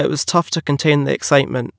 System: none